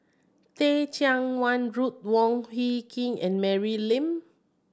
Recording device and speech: standing microphone (AKG C214), read sentence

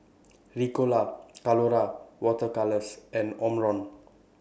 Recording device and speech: boundary microphone (BM630), read sentence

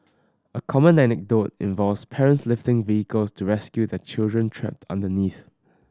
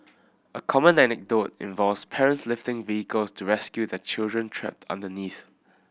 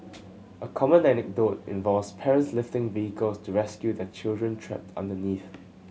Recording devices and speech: standing microphone (AKG C214), boundary microphone (BM630), mobile phone (Samsung C7100), read sentence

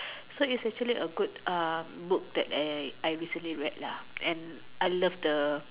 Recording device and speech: telephone, conversation in separate rooms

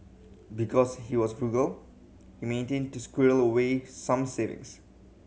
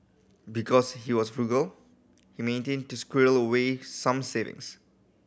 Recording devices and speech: mobile phone (Samsung C7100), boundary microphone (BM630), read sentence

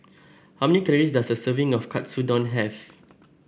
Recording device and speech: boundary microphone (BM630), read sentence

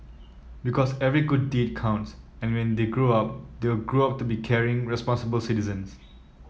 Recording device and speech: mobile phone (iPhone 7), read sentence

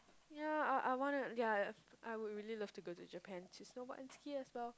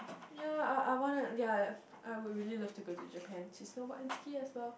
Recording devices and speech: close-talking microphone, boundary microphone, conversation in the same room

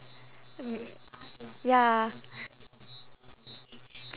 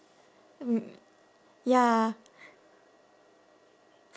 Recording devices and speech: telephone, standing microphone, conversation in separate rooms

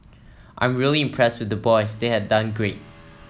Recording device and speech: mobile phone (iPhone 7), read sentence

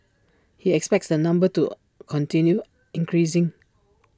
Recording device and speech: standing microphone (AKG C214), read sentence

